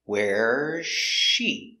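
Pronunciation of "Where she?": In "where's she", the z sound at the end of "where's" is not heard, and the two words are said together like one word.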